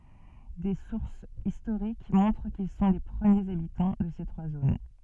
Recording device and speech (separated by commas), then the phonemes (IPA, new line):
soft in-ear microphone, read sentence
de suʁsz istoʁik mɔ̃tʁ kil sɔ̃ le pʁəmjez abitɑ̃ də se tʁwa zon